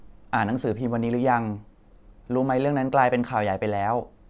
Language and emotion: Thai, neutral